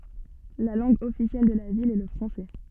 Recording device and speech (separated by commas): soft in-ear microphone, read sentence